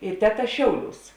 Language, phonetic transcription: Lithuanian, i ˈteˌta ˈšiauˌliūs

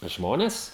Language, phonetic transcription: Lithuanian, ˈžmones

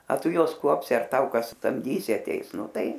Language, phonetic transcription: Lithuanian, a ˈtu ˈjuos ˈkuopsi ar ˈtau ˈkas samˈdysi aˈteis ˈnu ˈtai

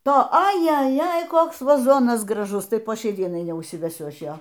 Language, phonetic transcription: Lithuanian, ˈto ajeˈjej ˈkoks vaˈzonas graˈžus ˈtai po ˈšiai ˈdienai neužsiveˈsiu ˈaš ˈjo

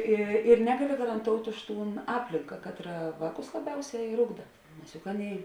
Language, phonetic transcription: Lithuanian, ˈi ir ˈnegaˌli garanˈtout' ˈuž ˈtūn ˈaplinka ˈkatˌra ˈvāˌkus laˈbiauˌsiā ir ˈugda nes juk ˈaˌnėi

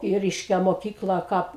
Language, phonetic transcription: Lithuanian, i ˈreiškia moˈkykla ˈkap

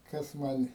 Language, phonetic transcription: Lithuanian, ˈkas ˈman'

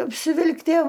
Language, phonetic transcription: Lithuanian, apsiˈvilktie

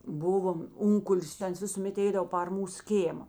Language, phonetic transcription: Lithuanian, ˈbuvom ˈunkulis ta ˈans visuˈmėt ˈeidavo par ˈmūs ˈkėma

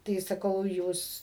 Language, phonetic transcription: Lithuanian, tai saˈkau ˈjūs

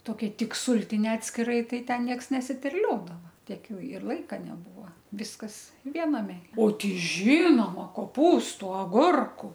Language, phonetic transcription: Lithuanian, toˈkia ˈtik ˈsūltinia atskiˈrai ˈtai ˈten ˈnieks nesiterˈliodava ˈtiek ˈjau ir ˈlaika neˈbūva ˈviskas ˈviename o ˈtei ˈžinoma koˈpūstu aˈgurku

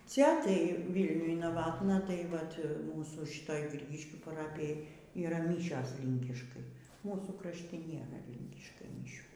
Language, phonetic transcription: Lithuanian, ˈcia tai ˈvylniuj naˈvatna tai ˈvat ˈmūsų ˈšitoj ˈgrygiškių paˈrapijoj yˈra ˈmyšios ˈlinkiškai ˈmūsų krašˈti ˈnėra ˈlinkiškai miˈšių

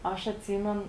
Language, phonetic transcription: Lithuanian, ˈaš atˈsymen

